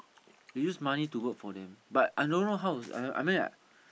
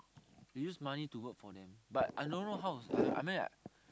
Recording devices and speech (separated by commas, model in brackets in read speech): boundary microphone, close-talking microphone, conversation in the same room